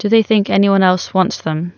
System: none